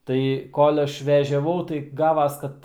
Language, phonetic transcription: Lithuanian, ˈtai kol' ˈaš vežiaˈvau tai ˈgavas ˈkad

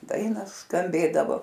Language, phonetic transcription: Lithuanian, ˈdaina skamˈbėdavo

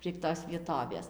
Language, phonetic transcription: Lithuanian, prieg ˈtos vieˈtovės

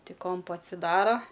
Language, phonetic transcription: Lithuanian, ˈtik ˈkompu atsiˈdaro

